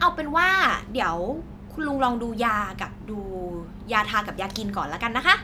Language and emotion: Thai, neutral